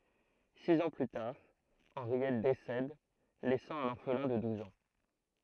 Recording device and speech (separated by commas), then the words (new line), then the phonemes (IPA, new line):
throat microphone, read sentence
Six ans plus tard, Henriette décède, laissant un orphelin de douze ans.
siz ɑ̃ ply taʁ ɑ̃ʁjɛt desɛd lɛsɑ̃ œ̃n ɔʁflɛ̃ də duz ɑ̃